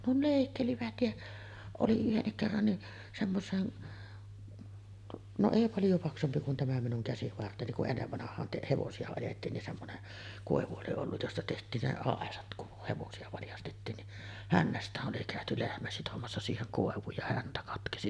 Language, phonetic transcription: Finnish, ne "lèikkelivät ja , oli 'yhennik kerran ni’ , semmos̀een , no 'èi 'paljo paksumpi kun tämä minuŋ 'käsivarteni ku’ ’ennevvanah̀aan te- 'hevosi₍a ajettiin nin semmonen , 'kòevu oli olluj josta teht̀iin ne "àesat kuh 'hevosi₍a valjastettiin ni’ , "hännäst̀ääˀ ˀoli kä̀öty 'lehmä sitomassa siiheŋ 'kòev̆vuuj ja 'häntä katkesi .
- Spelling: ne leikkelivät ja oli yhdenkin kerran niin semmoiseen no ei paljon paksumpi kuin tämä minun käsivarteni kun ennen vanhaan - hevosia ajettiin niin semmoinen koivu oli ollut josta tehtiin ne aisat kun hevosia valjastettiin niin hännästään oli käyty lehmä sitomassa siihen koivuun ja häntä katkesi

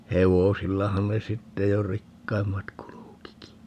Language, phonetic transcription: Finnish, 'hevosillahan ne "sitte jo "rikkaimmat 'kulukiki .
- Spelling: hevosillahan ne sitten jo rikkaimmat kulkikin

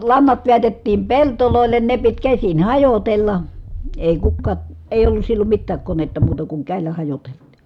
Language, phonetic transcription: Finnish, lannat veätettiim peltolòellen ne pit käsin hajotella , èi kukkaa , èi̮j ‿ollus sillom mittääk konetta muuta kuŋ kä̀i̮llä hajotelt̆tI .
- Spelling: lannat vedätettiin pelloille ne piti käsin hajotella ei kukaan ei ollut silloin mitään konetta muuta kuin käsillä hajoteltiin

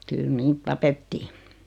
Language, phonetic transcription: Finnish, 'kyl "niit 'tapettii .
- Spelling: kyllä niitä tapettiin

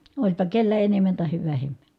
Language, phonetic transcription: Finnish, oĺpa kellä enemmän tahev vähemmÄ .
- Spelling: olipa kenellä enemmän tai vähemmän

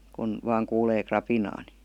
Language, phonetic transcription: Finnish, kun , vaaŋ kuulee 'krapinaa ni .
- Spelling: kun vain kuulee rapinaa niin

